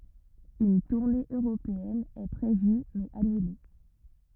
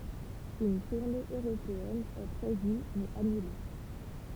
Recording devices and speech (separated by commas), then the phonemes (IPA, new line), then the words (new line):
rigid in-ear microphone, temple vibration pickup, read sentence
yn tuʁne øʁopeɛn ɛ pʁevy mɛz anyle
Une tournée européenne est prévue mais annulée.